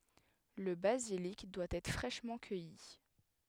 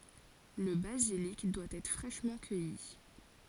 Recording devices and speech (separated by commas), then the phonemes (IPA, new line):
headset microphone, forehead accelerometer, read sentence
lə bazilik dwa ɛtʁ fʁɛʃmɑ̃ kœji